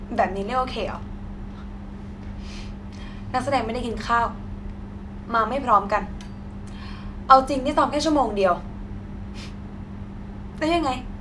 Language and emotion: Thai, sad